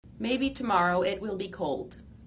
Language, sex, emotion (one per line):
English
female
neutral